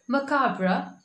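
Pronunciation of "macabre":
'Macabre' is said here with the British English pronunciation.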